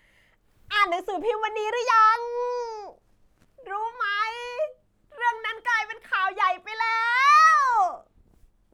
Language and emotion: Thai, happy